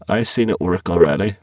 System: VC, spectral filtering